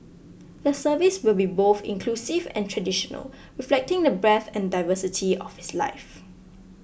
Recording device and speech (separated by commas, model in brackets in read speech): boundary microphone (BM630), read sentence